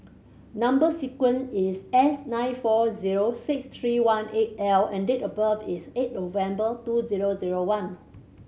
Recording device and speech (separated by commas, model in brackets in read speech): mobile phone (Samsung C7100), read sentence